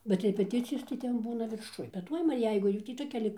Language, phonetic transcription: Lithuanian, bet repeˈticijos tai ˈten ˈbūna virˈšuj bet ˈtuoj va ˈjeigu ˈjų tį toˈkia lik

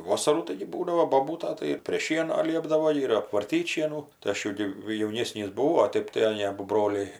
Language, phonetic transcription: Lithuanian, ˈvosarų ˈtaigi ˈbūdavo boˈbūta tai ir prė ˈšieno ˈliepdavo ir apvarˈtyt' ˈšienų tai ˈaš jau ˈgi jauˈnėsnys buˈvau o ˈteip aˈnė ˈabu ˈbroliai

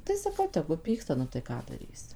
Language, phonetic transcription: Lithuanian, tai saˈkau ˈtegu ˈpyksta nu tai ˈką daˈrysi

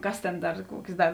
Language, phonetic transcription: Lithuanian, ˈkas tėn ˈdar ˈkuokės ˈdar

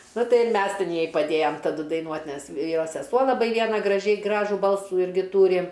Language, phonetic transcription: Lithuanian, ˈnu ˈtai ir ˈmes ˈtin ˈjai paˈdėjam taˈdu daiˈnuot' ˈnes ˈjos seˈsuo laˈbai ˈviena graˈžiai ˈgražų ˈbalsų ˈirgi ˈtūri

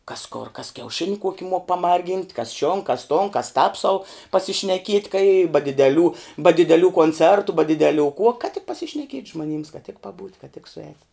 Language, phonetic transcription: Lithuanian, kas kor kas kiauˈšini ˈkuoki muok paˈmargynt' kas šion kas ton kas tāp sau pasišneˈkiet' kai i ba dideˈlių ba dideˈlių koncertu ba dideˈlių kuo kad tik pasišneˈkiet' žmoˈnyms kad tik paˈbūt' kad tik suˈēt'

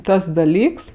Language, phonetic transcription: Lithuanian, ˈtas daˈlyks

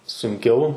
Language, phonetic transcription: Lithuanian, sunˈkiau

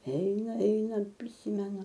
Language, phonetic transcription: Lithuanian, ˈeina ˈeina priˈsymenu

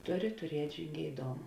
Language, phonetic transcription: Lithuanian, ˈtuˌri tuˈriet' žingeiˈdoma

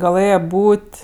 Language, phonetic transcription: Lithuanian, gaˈlɘje ˈbūt'

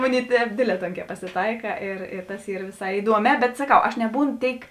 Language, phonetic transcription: Lithuanian, ˈmuˌnėi ˈtēp ˈdėdˌlē ˈtonkē pasiˈtaika ir i tas ˈyr viˈsai iˈduoˌmē bet saˈkau aš neˈbūno ˈtėik

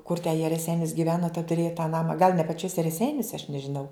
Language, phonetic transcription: Lithuanian, kur te jie reˈseinis giˈveno ten tuˈrėja tą ˈnama gal ne paˈčiose reˈseiniose aš nežiˈnau

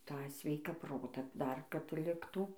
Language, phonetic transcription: Lithuanian, ˈtą ˈsveiką ˈprotą ˈdar kad ˈliktų

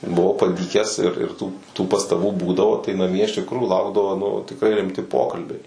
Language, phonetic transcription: Lithuanian, buˈvau paˈdykęs ir ir tų tų pastaˈbų ˈbūdavo tai naˈmie iš tikˈrųjų ˈlaukdavo nu tikˈrai rimˈti ˈpokalbiai

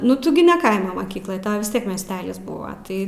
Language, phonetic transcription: Lithuanian, nu ˈtu gi ne ˈkaimo moˈkykloj ˈtau vis ˈtiek miesˈtelis ˈbuva ˈtai

